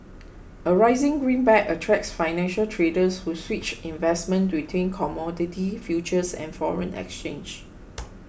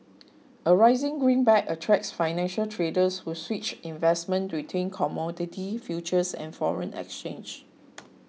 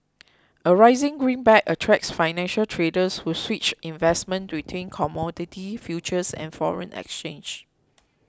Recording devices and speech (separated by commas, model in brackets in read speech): boundary microphone (BM630), mobile phone (iPhone 6), close-talking microphone (WH20), read sentence